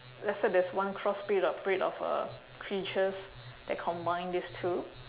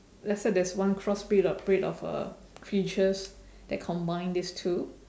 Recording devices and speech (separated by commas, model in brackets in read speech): telephone, standing microphone, conversation in separate rooms